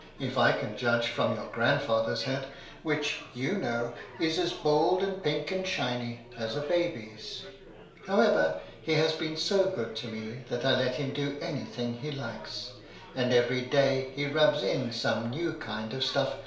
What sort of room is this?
A small room (about 3.7 m by 2.7 m).